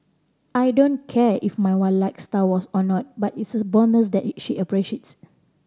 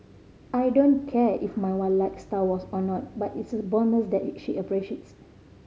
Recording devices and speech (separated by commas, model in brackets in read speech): standing microphone (AKG C214), mobile phone (Samsung C5010), read sentence